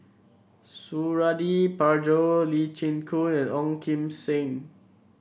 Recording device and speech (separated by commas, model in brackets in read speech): boundary microphone (BM630), read sentence